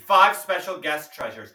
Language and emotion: English, neutral